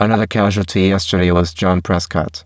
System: VC, spectral filtering